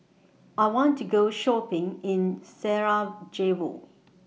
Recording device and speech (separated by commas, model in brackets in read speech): mobile phone (iPhone 6), read sentence